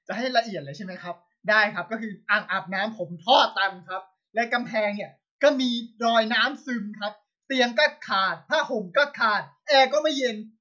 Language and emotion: Thai, angry